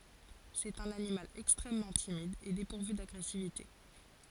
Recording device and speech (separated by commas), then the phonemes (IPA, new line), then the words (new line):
forehead accelerometer, read sentence
sɛt œ̃n animal ɛkstʁɛmmɑ̃ timid e depuʁvy daɡʁɛsivite
C'est un animal extrêmement timide et dépourvu d'agressivité.